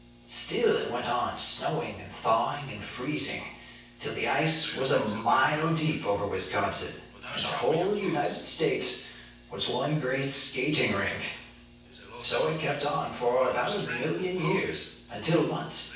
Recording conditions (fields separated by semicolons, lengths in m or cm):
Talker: one person; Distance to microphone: 9.8 m; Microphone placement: far; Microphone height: 1.8 m; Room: large; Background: television